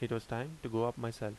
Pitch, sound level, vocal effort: 115 Hz, 80 dB SPL, normal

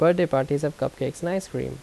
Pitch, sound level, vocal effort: 145 Hz, 81 dB SPL, normal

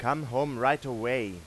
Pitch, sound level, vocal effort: 130 Hz, 95 dB SPL, loud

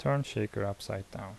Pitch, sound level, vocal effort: 105 Hz, 73 dB SPL, soft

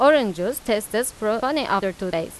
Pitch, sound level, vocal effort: 215 Hz, 91 dB SPL, loud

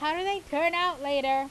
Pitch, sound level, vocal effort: 310 Hz, 96 dB SPL, very loud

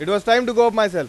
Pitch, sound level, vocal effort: 230 Hz, 101 dB SPL, very loud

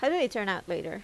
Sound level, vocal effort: 85 dB SPL, normal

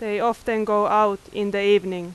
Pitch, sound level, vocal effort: 205 Hz, 91 dB SPL, very loud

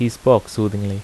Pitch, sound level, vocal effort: 105 Hz, 82 dB SPL, normal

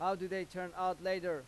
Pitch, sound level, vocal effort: 185 Hz, 95 dB SPL, loud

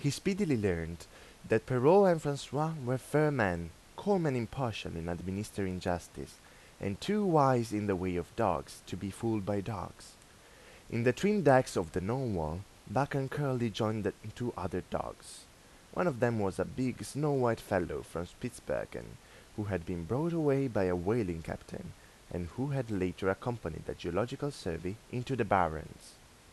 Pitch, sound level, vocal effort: 110 Hz, 85 dB SPL, normal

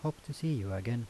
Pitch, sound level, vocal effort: 140 Hz, 78 dB SPL, soft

